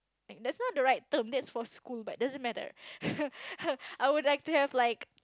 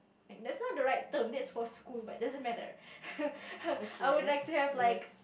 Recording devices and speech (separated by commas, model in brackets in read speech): close-talking microphone, boundary microphone, conversation in the same room